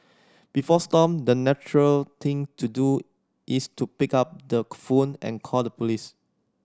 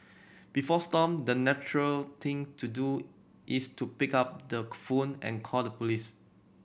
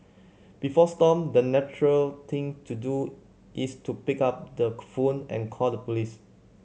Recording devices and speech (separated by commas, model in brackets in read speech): standing microphone (AKG C214), boundary microphone (BM630), mobile phone (Samsung C7100), read sentence